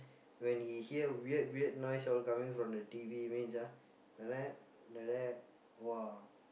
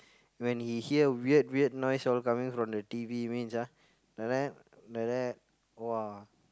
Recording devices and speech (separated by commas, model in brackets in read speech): boundary microphone, close-talking microphone, conversation in the same room